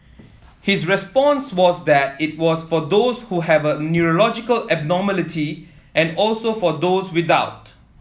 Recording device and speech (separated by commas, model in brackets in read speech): mobile phone (iPhone 7), read sentence